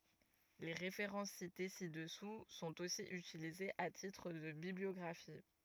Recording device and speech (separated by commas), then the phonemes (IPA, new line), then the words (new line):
rigid in-ear microphone, read sentence
le ʁefeʁɑ̃s site si dəsu sɔ̃t osi ytilizez a titʁ də bibliɔɡʁafi
Les références citées ci-dessous sont aussi utilisées à titre de bibliographie.